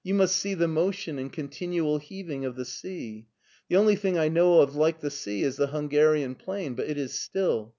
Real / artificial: real